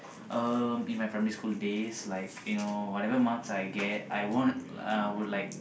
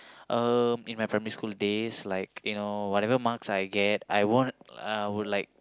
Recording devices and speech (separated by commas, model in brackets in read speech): boundary microphone, close-talking microphone, conversation in the same room